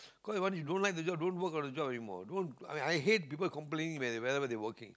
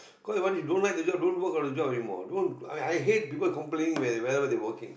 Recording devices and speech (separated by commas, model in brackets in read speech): close-talking microphone, boundary microphone, conversation in the same room